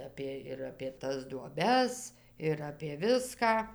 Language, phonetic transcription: Lithuanian, ˈapė ir apė ˈtas duoˈbes ir apė ˈviską

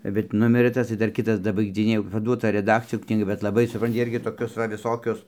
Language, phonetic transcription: Lithuanian, bet ˈnumirɘ ˈtas tai ˈdar ˈkitas dabaigdziˈnėja jau paˈduota reˈdakcijon knyˈga bet laˈbai suˈpranti ˈirgi toˈkius va viˈsokius

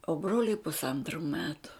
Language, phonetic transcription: Lithuanian, o ˈbroliui pusˈantru ˈmetu

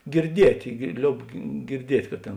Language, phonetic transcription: Lithuanian, girˈdietė gir ˈlioub girˈdiet' ka ˈtėn

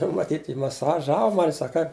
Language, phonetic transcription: Lithuanian, nu maˈtyt' ji maˌsaˈžavo ˈmani ˈsak kaip

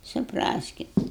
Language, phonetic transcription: Lithuanian, suˈpraskit

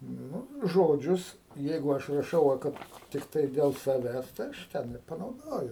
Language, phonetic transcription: Lithuanian, ˈnu ˈžodžius ˈjeigu ˈaš raˈšau va ˈkad tikˈtai ˈdel saˈvęs tai ˈaš ˈten ir panauˈdoju

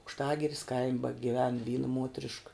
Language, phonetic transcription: Lithuanian, aukšˈtagiris kaim' bagiˈven ˈvyna ˈmuotrišk

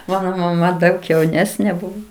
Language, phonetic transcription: Lithuanian, ˈmano maˈma ˈdaug jauˈnesnė ˈbuvo

